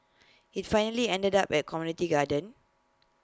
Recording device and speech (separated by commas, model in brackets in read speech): close-talking microphone (WH20), read sentence